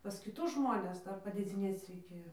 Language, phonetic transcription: Lithuanian, pas kiˈtus ˈžmones ˈdar padėˈdzinėc reiˈkėjo

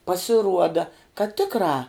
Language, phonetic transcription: Lithuanian, pasiˈruoda kad ˈtikrā

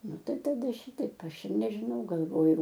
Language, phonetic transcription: Lithuanian, ˈnu ˈtai taˈda ˈšytaip ˈaš ir nežiˈnau galˈvoju

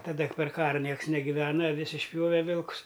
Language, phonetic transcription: Lithuanian, taˈda per ˈkara ˈnieks negiˈvena aˈvis išˈpjove ˈvilkus

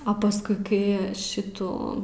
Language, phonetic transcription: Lithuanian, a paˈskui kai ˈšitų

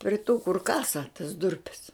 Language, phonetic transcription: Lithuanian, pri tų kur ˈkasa tas ˈdurpes

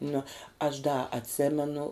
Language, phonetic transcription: Lithuanian, nu aš da atˈsėmenu

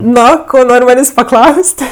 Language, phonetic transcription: Lithuanian, ˈno ˈko ˈnor' ˈmanės' paˈklaus't'

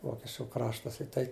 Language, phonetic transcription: Lithuanian, ˈvokečiu ˈkraštas i ˈtai

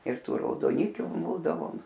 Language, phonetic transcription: Lithuanian, ir ˈtų raudoˈnikiu ˈbūdavom

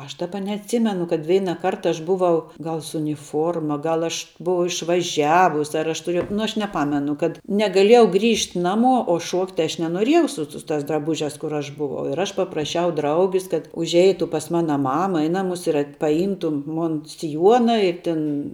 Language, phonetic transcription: Lithuanian, ˈaš ˈdaba neatˈsimenu kad ˈveinaˌkart ˈaš ˈbuvau ˈgal su uniˈfuorma ˈgal ˈaš ˈbuau išvaˈžiavus ar ˈaš tuˈriejau nu ˈaš neˈpamenu kad negaˈliejau ˈgrįžt' ˈnamuo o ˈšuokt' ˈaš nenoˈriejau ˈsu su tās draˈbužiās kur ˈaš buˈvau ir ˈaš papraˈšiau ˈdraugis kad užˈeitu pas ˈmana ˈmama i ˈnamus ir at paˈjymtu ˈmun siˈjuona i ˈtin

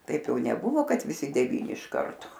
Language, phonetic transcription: Lithuanian, ˈtaip ˈjau neˈbuvo ˈkad viˈsi deˈvyni iš ˈkarto

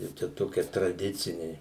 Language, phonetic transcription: Lithuanian, ˈjau ˈčia ˈtokie traˈdiciniai

